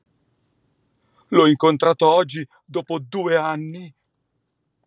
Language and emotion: Italian, fearful